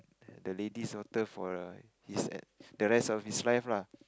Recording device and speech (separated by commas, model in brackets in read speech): close-talking microphone, conversation in the same room